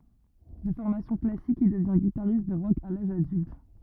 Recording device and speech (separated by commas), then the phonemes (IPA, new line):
rigid in-ear microphone, read sentence
də fɔʁmasjɔ̃ klasik il dəvjɛ̃ ɡitaʁist də ʁɔk a laʒ adylt